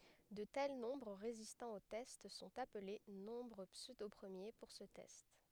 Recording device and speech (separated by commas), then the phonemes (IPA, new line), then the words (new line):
headset microphone, read sentence
də tɛl nɔ̃bʁ ʁezistɑ̃ o tɛst sɔ̃t aple nɔ̃bʁ psødopʁəmje puʁ sə tɛst
De tels nombres résistant au test sont appelés nombres pseudopremiers pour ce test.